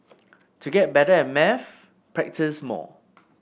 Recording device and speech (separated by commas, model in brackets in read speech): boundary microphone (BM630), read sentence